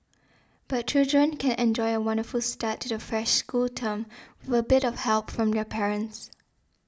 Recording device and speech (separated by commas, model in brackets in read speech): standing microphone (AKG C214), read sentence